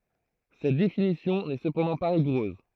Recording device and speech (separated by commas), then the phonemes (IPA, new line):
throat microphone, read sentence
sɛt definisjɔ̃ nɛ səpɑ̃dɑ̃ pa ʁiɡuʁøz